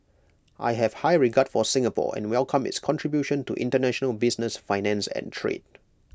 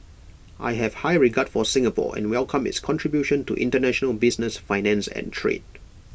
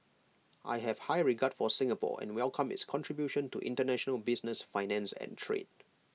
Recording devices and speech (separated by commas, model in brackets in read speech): close-talking microphone (WH20), boundary microphone (BM630), mobile phone (iPhone 6), read sentence